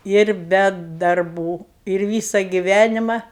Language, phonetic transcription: Lithuanian, ir ˈbe darˈbų ir ˈvysa giˈvænima

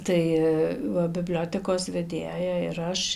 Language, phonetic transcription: Lithuanian, ˈtai ˈva biˈbliotekos veˈdėja ir ˈaš

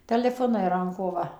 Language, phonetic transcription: Lithuanian, teleˈfonai ˈranko ˈva

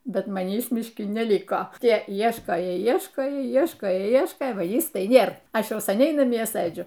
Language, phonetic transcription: Lithuanian, ˈbet maˈnįs mišˈki neˈliko ˈtie ˈieškojo ˈieškojo ˈieškojo ˈieškojo ˈva ˈjis tai ˈnėr ˈaš ˈjau saˈniai naˈmie ˈsɘdžiu

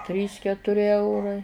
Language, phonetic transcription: Lithuanian, ˈtrys ketuˈri ˈeurai

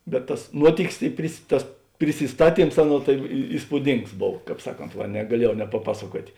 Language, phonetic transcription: Lithuanian, bet tas ˈnuotikis i pris ˈtas prisisˈtaˌtyms ˈaˌnuo tai į įspūˈdings ˈbov ˈkāp ˈsaˌkont ˈva negaˈliejau nepaˈpasaˌkuotė

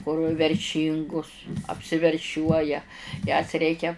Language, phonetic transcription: Lithuanian, kur verˈšyngus apsiverˈšiuoja jas ˈreikia

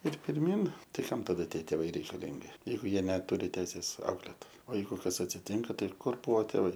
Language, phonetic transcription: Lithuanian, ir pirˈmyn ˈtai ˈkam taˈda ˈtie tėˈvai reikaˈlingi ˈjeigu ˈjie neˈturi ˈteisės ˈauklėt o ˈjeigu ˈkas atsiˈtinka ˈtai ˈkur ˈbuo tėˈvai

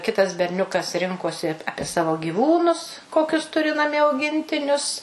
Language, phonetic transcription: Lithuanian, ˈkitas berˈniukas ˈrinkosi ˈapie savo gyˈvūnus ˈkokius ˈturi naˈmie auˈgintinius

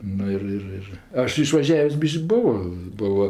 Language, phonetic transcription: Lithuanian, ˈnu ir ˈir ir ˈaš išvaˈžiavės' ˈbiš'k' ˈbuvo ˈbuvo

